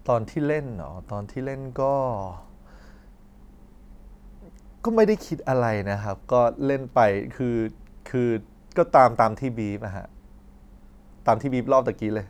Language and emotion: Thai, neutral